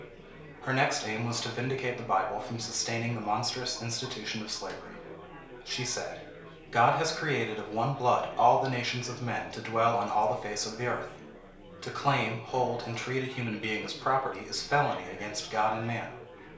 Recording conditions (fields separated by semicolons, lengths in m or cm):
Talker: one person; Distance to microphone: 1.0 m; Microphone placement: close; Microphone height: 1.1 m; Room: small (3.7 m by 2.7 m); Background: babble